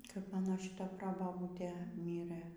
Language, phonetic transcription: Lithuanian, kap ˈmano šiˈta ˈprobabūtė ˈmyrɘ

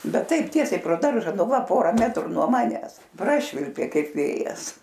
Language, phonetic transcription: Lithuanian, ˈbet ˈtaip ˈtiesiai pro ˈdarža ˈnu ˈva ˈpora ˈmetru nuo ˈmanes ˈprašvilpė ˈkaip ˈvėjas

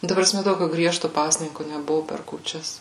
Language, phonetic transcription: Lithuanian, nu ˈta praˈsme ˈtokiu ˈgriežtu ˈpasninku neˈbuvu per kūˈčias

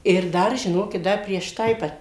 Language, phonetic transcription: Lithuanian, ir ˈdar žiˈnokit ˈdar prieš ˈtai ˈva

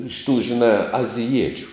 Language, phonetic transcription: Lithuanian, iš tų žiˈnā aziˈjiečiu

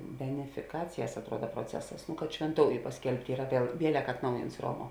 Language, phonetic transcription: Lithuanian, benefiˈkacijas atˈruoda proˈcesas kad švenˈtouju pasˈkelbt' ˈyra aˈpie ˈvielek atˈnaujints ˈroˌmuo

